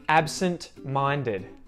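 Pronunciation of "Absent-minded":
In 'absent-minded', the T after the N is pronounced, not muted.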